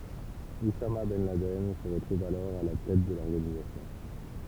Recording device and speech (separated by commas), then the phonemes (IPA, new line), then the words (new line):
temple vibration pickup, read sentence
usama bɛn ladɛn sə ʁətʁuv alɔʁ a la tɛt də lɔʁɡanizasjɔ̃
Oussama ben Laden se retrouve alors à la tête de l'organisation.